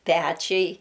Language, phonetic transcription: Lithuanian, ˈpæčiai

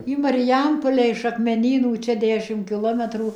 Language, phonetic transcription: Lithuanian, į mariˈjampole iš akmeˈnynų ˈčia ˈdešim kiˈlometrų

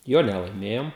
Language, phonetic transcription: Lithuanian, ˈjo nelaiˈmėjom

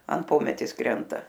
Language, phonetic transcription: Lithuanian, an ˈpometės ˈkrenta

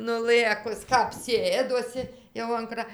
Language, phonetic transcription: Lithuanian, nuˈlɘkus kap ˈsėdosi jau an ˈkra

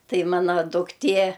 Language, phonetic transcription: Lithuanian, ˈtai ˈmana dukˈtė

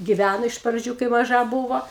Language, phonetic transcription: Lithuanian, giˈvæno iš praˈdžių kai maˈža ˈbūvo

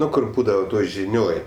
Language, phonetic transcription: Lithuanian, ˈnu ˈkur ˈbūdava ˈtoj žiˈnioj

